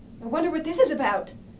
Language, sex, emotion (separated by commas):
English, female, fearful